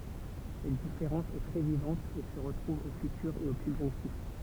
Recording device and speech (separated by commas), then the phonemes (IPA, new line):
temple vibration pickup, read sentence
sɛt difeʁɑ̃s ɛ tʁɛ vivɑ̃t e sə ʁətʁuv o fytyʁ e o sybʒɔ̃ktif